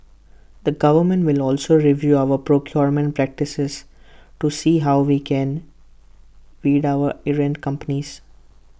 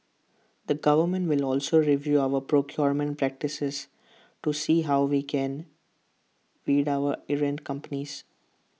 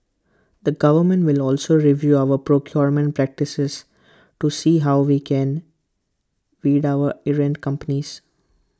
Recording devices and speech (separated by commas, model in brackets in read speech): boundary microphone (BM630), mobile phone (iPhone 6), close-talking microphone (WH20), read sentence